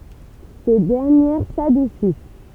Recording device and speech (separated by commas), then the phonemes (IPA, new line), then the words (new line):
temple vibration pickup, read sentence
se dɛʁnjɛʁ sadusis
Ces dernières s'adoucissent.